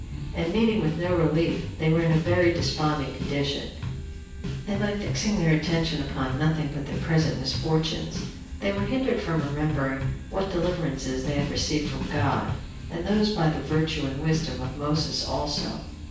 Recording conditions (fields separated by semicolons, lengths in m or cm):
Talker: one person; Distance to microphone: 9.8 m; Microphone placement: far; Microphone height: 1.8 m; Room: large; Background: music